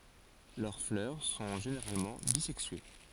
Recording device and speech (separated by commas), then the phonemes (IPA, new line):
forehead accelerometer, read sentence
lœʁ flœʁ sɔ̃ ʒeneʁalmɑ̃ bizɛksye